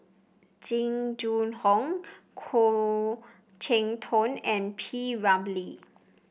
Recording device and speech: boundary microphone (BM630), read sentence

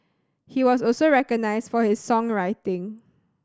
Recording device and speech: standing microphone (AKG C214), read sentence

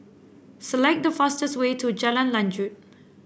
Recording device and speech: boundary microphone (BM630), read sentence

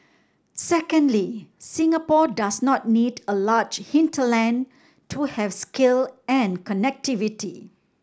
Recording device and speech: standing microphone (AKG C214), read sentence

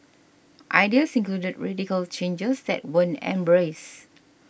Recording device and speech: boundary microphone (BM630), read sentence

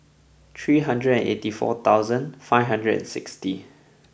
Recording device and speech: boundary microphone (BM630), read sentence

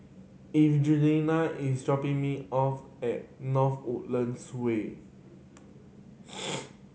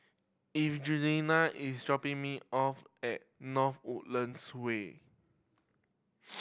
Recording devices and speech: mobile phone (Samsung C7100), boundary microphone (BM630), read sentence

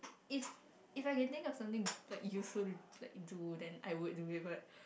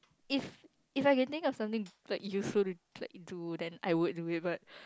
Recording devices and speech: boundary microphone, close-talking microphone, conversation in the same room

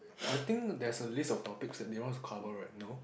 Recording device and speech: boundary microphone, conversation in the same room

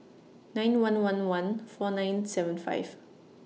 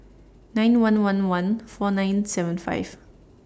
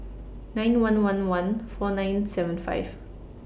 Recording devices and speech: mobile phone (iPhone 6), standing microphone (AKG C214), boundary microphone (BM630), read sentence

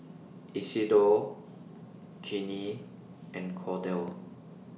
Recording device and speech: mobile phone (iPhone 6), read sentence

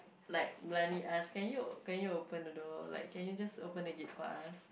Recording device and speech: boundary microphone, conversation in the same room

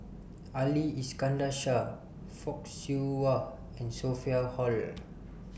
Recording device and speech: boundary microphone (BM630), read sentence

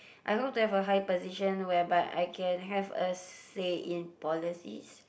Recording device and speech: boundary microphone, conversation in the same room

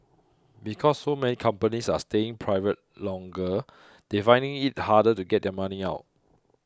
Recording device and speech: close-talking microphone (WH20), read sentence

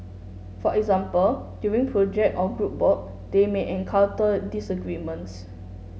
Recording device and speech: mobile phone (Samsung S8), read sentence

